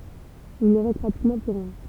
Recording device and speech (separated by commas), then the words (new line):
temple vibration pickup, read sentence
Il ne reste pratiquement plus rien.